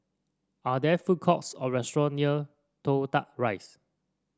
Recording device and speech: standing microphone (AKG C214), read sentence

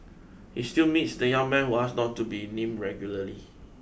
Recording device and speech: boundary microphone (BM630), read sentence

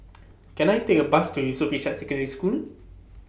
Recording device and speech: boundary microphone (BM630), read sentence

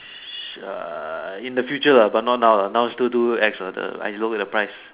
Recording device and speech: telephone, conversation in separate rooms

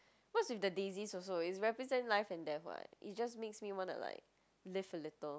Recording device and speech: close-talking microphone, conversation in the same room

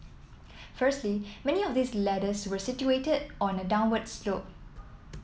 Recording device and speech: mobile phone (iPhone 7), read sentence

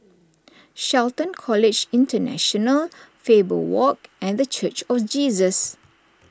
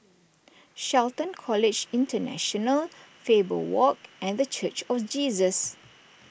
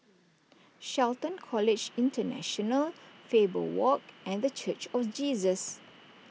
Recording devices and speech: standing microphone (AKG C214), boundary microphone (BM630), mobile phone (iPhone 6), read sentence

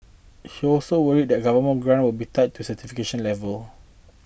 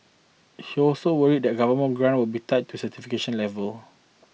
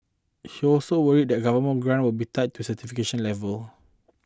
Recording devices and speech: boundary microphone (BM630), mobile phone (iPhone 6), close-talking microphone (WH20), read sentence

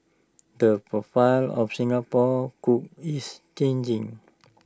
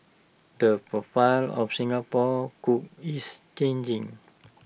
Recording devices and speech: standing microphone (AKG C214), boundary microphone (BM630), read sentence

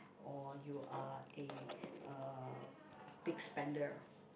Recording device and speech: boundary microphone, conversation in the same room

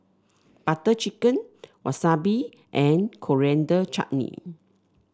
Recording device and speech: standing microphone (AKG C214), read sentence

